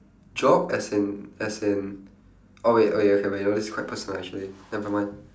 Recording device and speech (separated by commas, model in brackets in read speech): standing microphone, conversation in separate rooms